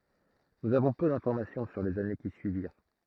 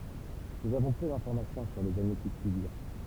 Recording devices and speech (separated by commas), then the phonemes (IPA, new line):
throat microphone, temple vibration pickup, read sentence
nuz avɔ̃ pø dɛ̃fɔʁmasjɔ̃ syʁ lez ane ki syiviʁ